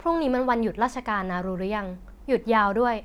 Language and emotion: Thai, neutral